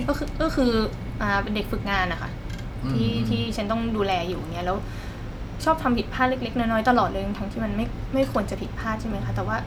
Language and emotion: Thai, frustrated